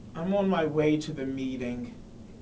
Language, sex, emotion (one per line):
English
male
sad